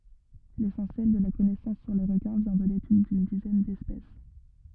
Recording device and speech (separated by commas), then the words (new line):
rigid in-ear microphone, read sentence
L'essentiel de la connaissance sur les requins vient de l’étude d’une dizaine d’espèces.